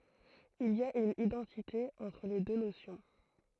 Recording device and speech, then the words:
throat microphone, read sentence
Il y a une identité entre les deux notions.

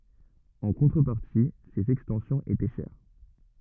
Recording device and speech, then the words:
rigid in-ear microphone, read sentence
En contrepartie, ses extensions étaient chères.

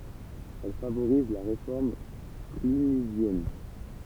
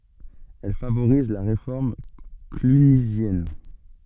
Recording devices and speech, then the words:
temple vibration pickup, soft in-ear microphone, read sentence
Elle favorise la réforme clunisienne.

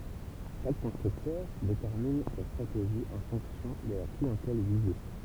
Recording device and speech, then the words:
temple vibration pickup, read sentence
Chaque constructeur détermine sa stratégie en fonction de la clientèle visée.

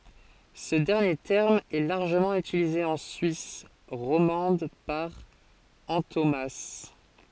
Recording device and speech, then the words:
forehead accelerometer, read sentence
Ce dernier terme est largement utilisé en Suisse romande par antonomase.

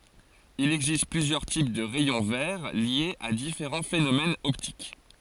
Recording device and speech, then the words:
forehead accelerometer, read sentence
Il existe plusieurs types de rayons verts liés à différents phénomènes optiques.

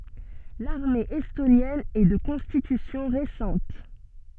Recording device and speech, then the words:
soft in-ear microphone, read sentence
L'armée estonienne est de constitution récente.

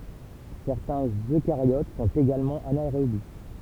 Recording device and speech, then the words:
temple vibration pickup, read sentence
Certains Eucaryotes sont également anaérobies.

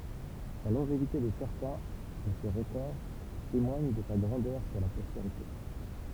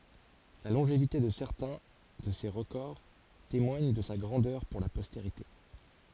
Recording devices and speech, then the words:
temple vibration pickup, forehead accelerometer, read sentence
La longévité de certains de ses records témoigne de sa grandeur pour la postérité.

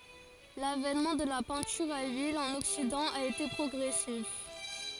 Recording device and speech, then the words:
forehead accelerometer, read sentence
L'avènement de la peinture à l'huile en Occident a été progressif.

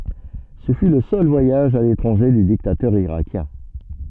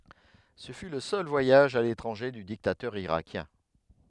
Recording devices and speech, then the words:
soft in-ear microphone, headset microphone, read sentence
Ce fut le seul voyage à l'étranger du dictateur irakien.

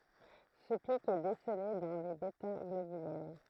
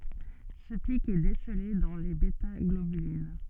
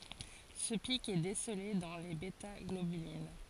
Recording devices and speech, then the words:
throat microphone, soft in-ear microphone, forehead accelerometer, read sentence
Ce pic est décelé dans les bêtaglobulines.

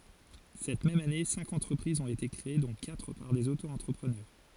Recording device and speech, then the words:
forehead accelerometer, read sentence
Cette même année, cinq entreprises ont été créées dont quatre par des Auto-entrepreneurs.

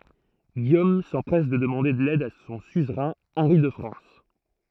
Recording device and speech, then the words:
throat microphone, read sentence
Guillaume s'empresse de demander l'aide de son suzerain, Henri de France.

